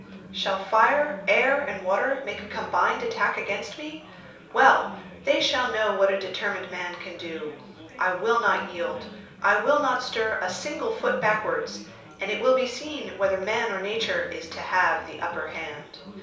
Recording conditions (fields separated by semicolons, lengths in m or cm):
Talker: one person; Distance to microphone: 3.0 m; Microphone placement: far; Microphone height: 1.8 m; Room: small (3.7 m by 2.7 m); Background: babble